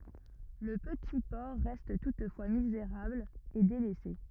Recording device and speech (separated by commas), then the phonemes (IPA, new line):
rigid in-ear microphone, read sentence
lə pəti pɔʁ ʁɛst tutfwa mizeʁabl e delɛse